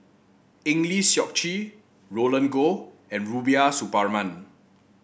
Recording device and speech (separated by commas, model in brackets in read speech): boundary microphone (BM630), read sentence